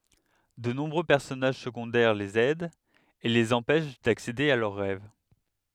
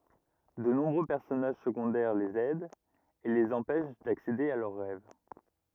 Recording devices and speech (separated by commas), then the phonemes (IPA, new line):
headset microphone, rigid in-ear microphone, read sentence
də nɔ̃bʁø pɛʁsɔnaʒ səɡɔ̃dɛʁ lez ɛdt e lez ɑ̃pɛʃ daksede a lœʁ ʁɛv